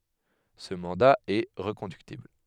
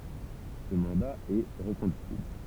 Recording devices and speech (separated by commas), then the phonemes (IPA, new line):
headset microphone, temple vibration pickup, read sentence
sə mɑ̃da ɛ ʁəkɔ̃dyktibl